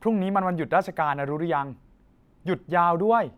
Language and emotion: Thai, happy